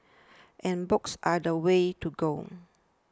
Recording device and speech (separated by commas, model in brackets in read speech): standing microphone (AKG C214), read sentence